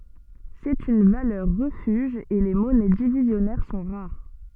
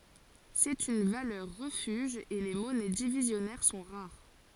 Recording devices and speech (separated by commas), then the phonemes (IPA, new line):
soft in-ear microphone, forehead accelerometer, read sentence
sɛt yn valœʁ ʁəfyʒ e le mɔnɛ divizjɔnɛʁ sɔ̃ ʁaʁ